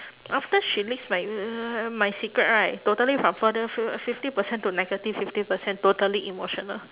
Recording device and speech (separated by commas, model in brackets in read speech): telephone, conversation in separate rooms